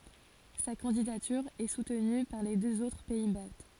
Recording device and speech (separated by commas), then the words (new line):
forehead accelerometer, read sentence
Sa candidature est soutenue par les deux autres pays baltes.